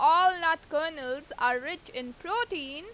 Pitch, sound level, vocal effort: 325 Hz, 96 dB SPL, very loud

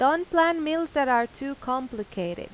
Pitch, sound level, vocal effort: 275 Hz, 91 dB SPL, loud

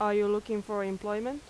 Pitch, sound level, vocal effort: 210 Hz, 88 dB SPL, normal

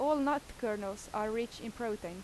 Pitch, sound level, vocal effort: 225 Hz, 86 dB SPL, loud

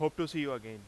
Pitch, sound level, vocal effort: 145 Hz, 94 dB SPL, very loud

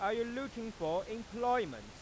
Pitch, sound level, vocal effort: 225 Hz, 100 dB SPL, loud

